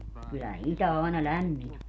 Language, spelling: Finnish, kyllä itä aina lämmin on
- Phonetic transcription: kyllä "itä àena "lämmiń ‿o .

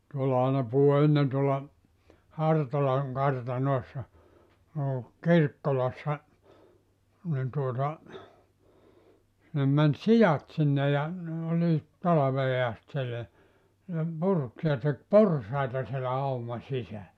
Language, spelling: Finnish, tuolla aina puhui ennen tuolla Hartolan kartanoissa no Kirkkolassa niin tuota sinne meni siat sinne ja ne olivat talveen asti siellä ne purki ja teki porsaita siellä auman sisällä
- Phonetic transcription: 'tuolla aina puhu 'ennen tuolla , "Hartolaŋ 'kartanòessa , noo , "Kirkkolassa , nin tuota , sinnem män "sijat 'sinne ja , ne 'oliit "talavee 'ast siellä , ne 'purk ja tek "porsaita sielä 'auma 'sisällä .

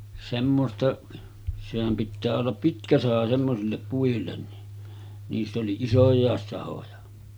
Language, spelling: Finnish, semmoista sehän pitää olla pitkä saha semmoisille puille niin niissä oli isojakin sahoja
- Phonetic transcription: 'semmosta , sehäm pittää ollap "pitkä 'saha semmosillep puillen ni , niiss ‿oli "isoj̆jàes 'sahoja .

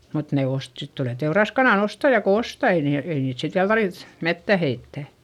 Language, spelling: Finnish, mutta ne - sitten tulee teuraskanan ostaja kun ostaa ei niillä ei niitä sitten vielä tarvitse metsään heittää
- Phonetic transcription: mut ne ost- , sit tulè teuraskanàn ‿ostaja ko osta ei niil , ei niit sit viäl tarviϑ , mettä heittä .

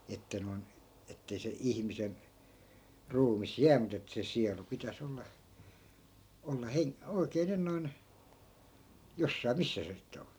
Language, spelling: Finnish, että noin että ei se ihmisen ruumis jää mutta että se sielu pitäisi olla olla - oikein nyt noin jossakin missä se sitten on
- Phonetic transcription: että noi̮n , ettei se 'ihmisen , 'ruumis "jää mut ‿ettᵃ̈ se 'sialu 'pitä's ‿olla , olla 'heŋ- , 'oi̮kee nyn noin , 'jossai̮ "missä se sitte on .

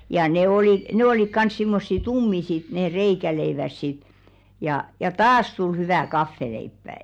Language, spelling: Finnish, ja ne - ne olivat kanssa semmoisia tummia sitten ne reikäleivät sitten ja ja taas tuli hyvä kahvileipä
- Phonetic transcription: ja ne 'oli- , 'ne olik 'kans simmossi "tummi sit nee 'reikäleiväs sit , jà ja "taas tul 'hyvä̀ 'kaffeleippä̀ .

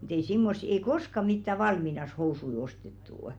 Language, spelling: Finnish, mutta ei semmoisia ei koskaan mitään valmiinansa housuja ostettu
- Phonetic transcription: mᴜt ‿ei 'simmossi ei "koska mittä 'val-minas 'housui ostettuu’ .

